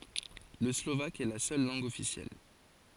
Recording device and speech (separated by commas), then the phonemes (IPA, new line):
forehead accelerometer, read sentence
lə slovak ɛ la sœl lɑ̃ɡ ɔfisjɛl